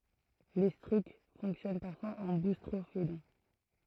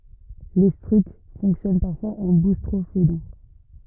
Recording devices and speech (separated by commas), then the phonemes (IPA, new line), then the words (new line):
throat microphone, rigid in-ear microphone, read sentence
letʁysk fɔ̃ksjɔn paʁfwaz ɑ̃ bustʁofedɔ̃
L'étrusque fonctionne parfois en boustrophédon.